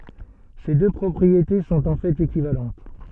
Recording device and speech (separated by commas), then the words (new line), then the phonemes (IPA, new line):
soft in-ear microphone, read sentence
Ces deux propriétés sont en fait équivalentes.
se dø pʁɔpʁiete sɔ̃t ɑ̃ fɛt ekivalɑ̃t